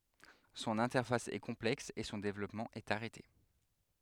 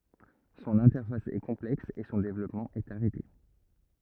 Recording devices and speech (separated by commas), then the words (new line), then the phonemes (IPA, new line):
headset microphone, rigid in-ear microphone, read sentence
Son interface est complexe et son développement est arrêté.
sɔ̃n ɛ̃tɛʁfas ɛ kɔ̃plɛks e sɔ̃ devlɔpmɑ̃ ɛt aʁɛte